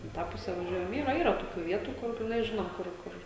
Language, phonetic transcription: Lithuanian, i ˈtą ˈpuse vaˈžiuojam ˈyra ˈyra toˈkių ˈvietų ˈkur jas ˈžinom ˈkur ˈkur

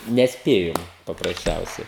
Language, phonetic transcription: Lithuanian, nesˈpėjom paprasˈčiausiai

